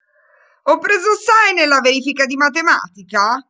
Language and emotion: Italian, angry